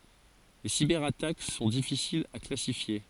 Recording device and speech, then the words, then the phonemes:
forehead accelerometer, read sentence
Les cyberattaques sont difficiles à classifier.
le sibɛʁatak sɔ̃ difisilz a klasifje

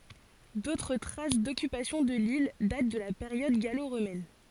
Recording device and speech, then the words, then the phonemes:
forehead accelerometer, read sentence
D'autres traces d'occupation de l'île datent de la période gallo-romaine.
dotʁ tʁas dɔkypasjɔ̃ də lil dat də la peʁjɔd ɡalo ʁomɛn

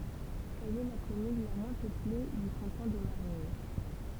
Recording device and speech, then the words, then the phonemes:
temple vibration pickup, read sentence
Elle est la commune la moins peuplée du canton de Marigny.
ɛl ɛ la kɔmyn la mwɛ̃ pøple dy kɑ̃tɔ̃ də maʁiɲi

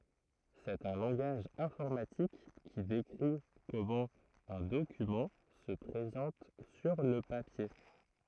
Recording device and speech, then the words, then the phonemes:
throat microphone, read sentence
C'est un langage informatique qui décrit comment un document se présente sur le papier.
sɛt œ̃ lɑ̃ɡaʒ ɛ̃fɔʁmatik ki dekʁi kɔmɑ̃ œ̃ dokymɑ̃ sə pʁezɑ̃t syʁ lə papje

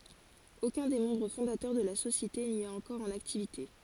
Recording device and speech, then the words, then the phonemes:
forehead accelerometer, read sentence
Aucun des membres fondateurs de la société n'y est encore en activité.
okœ̃ de mɑ̃bʁ fɔ̃datœʁ də la sosjete ni ɛt ɑ̃kɔʁ ɑ̃n aktivite

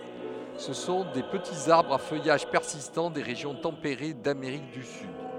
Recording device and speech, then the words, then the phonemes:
headset microphone, read sentence
Ce sont des petits arbres à feuillage persistant des régions tempérées d'Amérique du Sud.
sə sɔ̃ de pətiz aʁbʁz a fœjaʒ pɛʁsistɑ̃ de ʁeʒjɔ̃ tɑ̃peʁe dameʁik dy syd

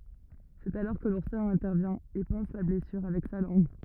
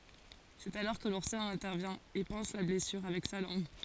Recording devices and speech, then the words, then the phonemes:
rigid in-ear microphone, forehead accelerometer, read sentence
C'est alors que l'ourson intervient et panse la blessure avec sa langue.
sɛt alɔʁ kə luʁsɔ̃ ɛ̃tɛʁvjɛ̃ e pɑ̃s la blɛsyʁ avɛk sa lɑ̃ɡ

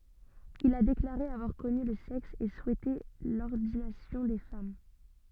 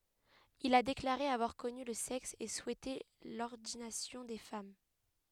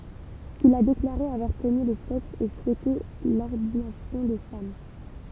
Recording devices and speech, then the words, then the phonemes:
soft in-ear microphone, headset microphone, temple vibration pickup, read sentence
Il a déclaré avoir connu le sexe et souhaiter l'ordination des femmes.
il a deklaʁe avwaʁ kɔny lə sɛks e suɛte lɔʁdinasjɔ̃ de fam

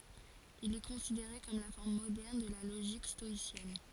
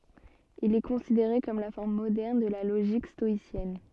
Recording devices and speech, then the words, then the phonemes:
forehead accelerometer, soft in-ear microphone, read sentence
Il est considéré comme la forme moderne de la logique stoïcienne.
il ɛ kɔ̃sideʁe kɔm la fɔʁm modɛʁn də la loʒik stɔisjɛn

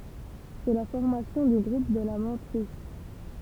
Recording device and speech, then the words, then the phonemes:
temple vibration pickup, read sentence
C'est la formation du groupe de la mantrisse.
sɛ la fɔʁmasjɔ̃ dy ɡʁup də la mɑ̃tʁis

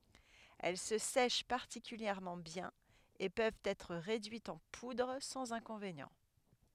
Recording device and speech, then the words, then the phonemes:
headset microphone, read sentence
Elles se sèchent particulièrement bien et peuvent être réduites en poudre sans inconvénient.
ɛl sə sɛʃ paʁtikyljɛʁmɑ̃ bjɛ̃n e pøvt ɛtʁ ʁedyitz ɑ̃ pudʁ sɑ̃z ɛ̃kɔ̃venjɑ̃

